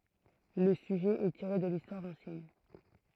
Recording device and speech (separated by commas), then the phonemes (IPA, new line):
throat microphone, read sentence
lə syʒɛ ɛ tiʁe də listwaʁ ɑ̃sjɛn